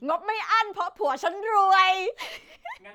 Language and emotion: Thai, happy